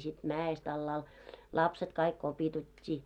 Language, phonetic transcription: Finnish, sit "mää₍est ‿allaal , 'lapset kaik 'kopitut́t́ii .
- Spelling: sitten mäestä alhaalle lapset kaikki kipitettiin

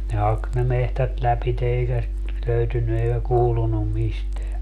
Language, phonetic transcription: Finnish, ne 'hak ne 'mehtät 'läpite 'eikä sit , 'löytynny eikä 'kuulunum 'misteä .
- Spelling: ne haki ne metsät lävitse eikä sitä löytynyt eikä kuulunut mistään

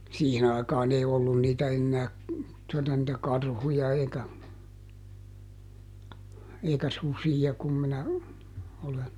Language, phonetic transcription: Finnish, ˈsiihin ‿aikaaˈn ‿ei ˈollun niitä ˈennää , tuota nⁱtä "karhuja eikä , eikä "susija kum minä , olen ,.
- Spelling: siihen aikaan ei ollut niitä enää tuota niitä karhuja eikä eikä susia kun minä olen

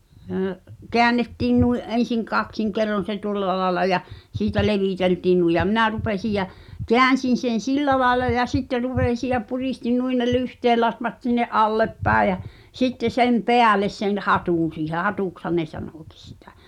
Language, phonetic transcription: Finnish, hə̀’ , "keännettiin nui’ '’en̬siŋ "kaksiŋ kerron̬ se 'tuŏlla laela ja , 'siitä "levìteltiin nui ja 'minä "rupesij jä , "keän̬sin̬ sen̬ "sillä laela ja "sitte 'ruv̳èsi ja 'purìstin 'nuin ne "lyhteellatvat sinne’ "’alleppä̀e jä , 'sitte 'sem "peäles sen "hatùn̬ siihe 'hatùkshan ne 'sanòkis sɪtᴀ̈ .
- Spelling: - käännettiin noin ensin kaksin kerroin se tuolla lailla ja siitä leviteltiin noin ja minä rupesin ja käänsin sen sillä lailla ja sitten rupesin ja puristin noin ne lyhteenlatvat sinne alaspäin ja sitten sen päälle sen hatun siihen hatuksihan ne sanokin sitä

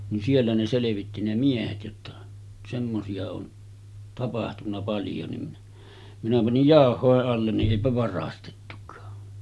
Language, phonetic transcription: Finnish, nin 'siellä ne 'selevitti ne 'miehet jotta , semmosi₍a on 'tapahtunna paljo ni , minä panij "jàoh̆hòeˀ 'ˀallen ni’ '’èipä varastettuk̀aa .
- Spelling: niin siellä ne selvitti ne miehet jotta semmoisia on tapahtunut paljon niin minä panin jauhojen alle niin eipä varastettukaan

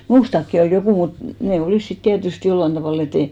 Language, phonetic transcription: Finnish, "muustakki ol 'jokù mut , 'nè "olìs sit 'tiätyst 'jollan tavàl ‿e't ‿ei .
- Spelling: minustakin oli joku mutta ne olivat sitten tietysti jollakin tavalla että ei

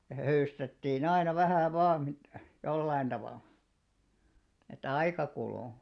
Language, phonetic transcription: Finnish, ja höystettii'n ‿aina 'vähä̀ 'vaa mit- , 'jollain ᴅavàlᴀ , et "aika 'kulù .
- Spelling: ja höystettiin aina vähän vain - jollakin tavalla että aika kului

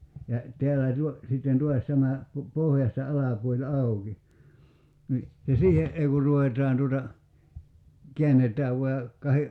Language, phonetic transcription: Finnish, ja , 'teällä̀ tuo- , sitten 'tuas tämä , pu- , 'pohjasta 'alapuoĺ "auki , ni , ja 'siihe’ '’ei ku 'ruvet̀aan tuota , 'kḙännet̀ääv vua ja , 'kahe ,.
- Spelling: ja täällä - sitten taas tämä - pohjasta alapuoli auki niin ja siihen ei kun ruvetaan tuota käännetään vain ja kahden

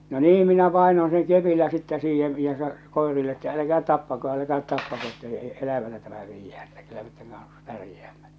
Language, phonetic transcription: Finnish, no 'nii minä 'pàenon seŋ 'kepillä sittä siihev̳ , ja sa- , "kòerille että 'äläkäät "tappako 'äläkäät "tappako että , e- 'elävänä tämä viijjää ᴇttᴀ̈ , kyllä met täŋ kans , 'pärjeämmä .
- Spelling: no niin minä painoin sen kepillä sitten siihen ja - koirille että älkää tappako älkää tappako että - elävänä tämä viedään että kyllä me tämän kanssa pärjäämme

